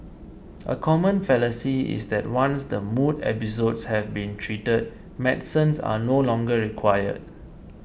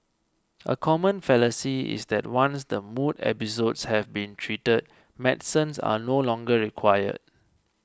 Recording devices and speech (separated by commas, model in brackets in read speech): boundary microphone (BM630), close-talking microphone (WH20), read sentence